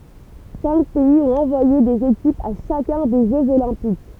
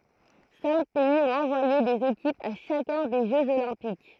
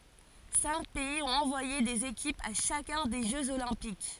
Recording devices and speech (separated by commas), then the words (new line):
temple vibration pickup, throat microphone, forehead accelerometer, read sentence
Cinq pays ont envoyé des équipes à chacun des Jeux olympiques.